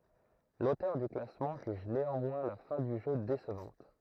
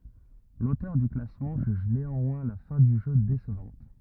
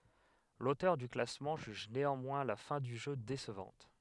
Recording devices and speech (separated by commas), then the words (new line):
throat microphone, rigid in-ear microphone, headset microphone, read sentence
L'auteur du classement juge néanmoins la fin du jeu décevante.